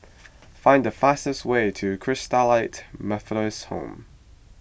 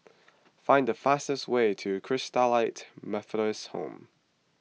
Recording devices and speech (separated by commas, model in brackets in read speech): boundary microphone (BM630), mobile phone (iPhone 6), read sentence